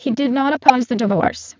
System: VC, spectral filtering